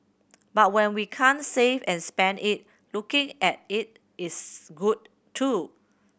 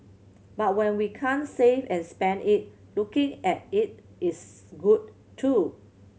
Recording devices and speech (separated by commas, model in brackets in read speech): boundary microphone (BM630), mobile phone (Samsung C7100), read sentence